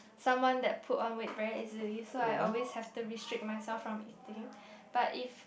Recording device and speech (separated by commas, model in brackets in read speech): boundary microphone, conversation in the same room